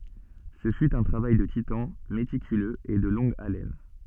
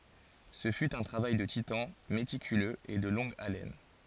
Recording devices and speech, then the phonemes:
soft in-ear microphone, forehead accelerometer, read sentence
sə fy œ̃ tʁavaj də titɑ̃ metikyløz e də lɔ̃ɡ alɛn

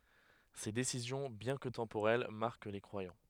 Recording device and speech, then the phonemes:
headset microphone, read sentence
se desizjɔ̃ bjɛ̃ kə tɑ̃poʁɛl maʁk le kʁwajɑ̃

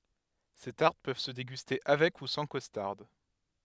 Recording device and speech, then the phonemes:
headset microphone, read sentence
se taʁt pøv sə deɡyste avɛk u sɑ̃ kɔstaʁd

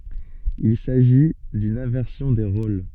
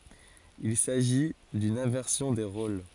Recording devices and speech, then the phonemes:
soft in-ear microphone, forehead accelerometer, read sentence
il saʒi dyn ɛ̃vɛʁsjɔ̃ de ʁol

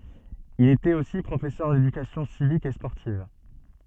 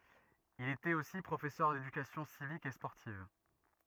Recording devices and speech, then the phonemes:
soft in-ear microphone, rigid in-ear microphone, read sentence
il etɛt osi pʁofɛsœʁ dedykasjɔ̃ sivik e spɔʁtiv

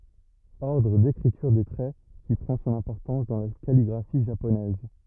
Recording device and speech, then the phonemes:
rigid in-ear microphone, read sentence
ɔʁdʁ dekʁityʁ de tʁɛ ki pʁɑ̃ sɔ̃n ɛ̃pɔʁtɑ̃s dɑ̃ la kaliɡʁafi ʒaponɛz

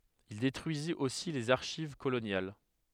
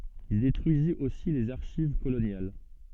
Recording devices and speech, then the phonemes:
headset microphone, soft in-ear microphone, read sentence
il detʁyizit osi lez aʁʃiv kolonjal

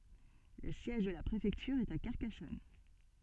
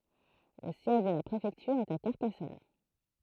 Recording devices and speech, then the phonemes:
soft in-ear microphone, throat microphone, read sentence
lə sjɛʒ də la pʁefɛktyʁ ɛt a kaʁkasɔn

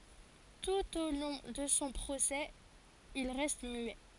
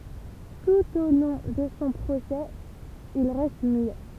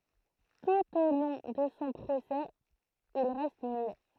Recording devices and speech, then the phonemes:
forehead accelerometer, temple vibration pickup, throat microphone, read sentence
tut o lɔ̃ də sɔ̃ pʁosɛ il ʁɛst myɛ

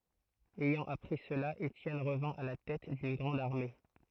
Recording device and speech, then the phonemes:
throat microphone, read sentence
ɛjɑ̃ apʁi səla etjɛn ʁəvɛ̃ a la tɛt dyn ɡʁɑ̃d aʁme

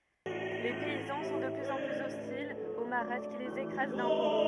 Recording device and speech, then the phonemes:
rigid in-ear microphone, read sentence
le pɛizɑ̃ sɔ̃ də plyz ɑ̃ plyz ɔstilz o maʁat ki lez ekʁaz dɛ̃pɔ̃

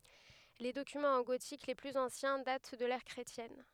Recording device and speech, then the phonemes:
headset microphone, read sentence
le dokymɑ̃z ɑ̃ ɡotik le plyz ɑ̃sjɛ̃ dat dy də lɛʁ kʁetjɛn

